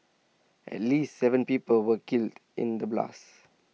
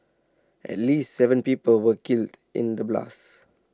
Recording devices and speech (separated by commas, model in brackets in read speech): mobile phone (iPhone 6), standing microphone (AKG C214), read sentence